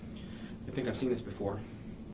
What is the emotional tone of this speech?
neutral